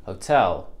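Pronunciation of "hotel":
In 'hotel', the h at the start is very soft, just a breath out. The o is not stressed.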